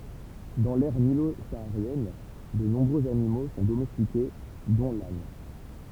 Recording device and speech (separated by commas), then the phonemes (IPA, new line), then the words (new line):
temple vibration pickup, read sentence
dɑ̃ lɛʁ nilo saaʁjɛn də nɔ̃bʁøz animo sɔ̃ domɛstike dɔ̃ lan
Dans l'aire nilo-saharienne, de nombreux animaux sont domestiqués, dont l'âne.